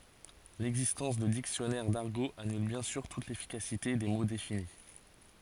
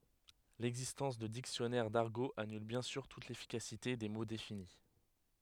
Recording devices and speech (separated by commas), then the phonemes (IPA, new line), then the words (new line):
forehead accelerometer, headset microphone, read sentence
lɛɡzistɑ̃s də diksjɔnɛʁ daʁɡo anyl bjɛ̃ syʁ tut lefikasite de mo defini
L'existence de dictionnaires d'argot annule bien sûr toute l'efficacité des mots définis.